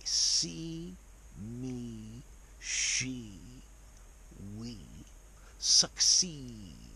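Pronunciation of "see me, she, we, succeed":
These words are said in a posh style: after the long E sound, there is something almost like a schwa.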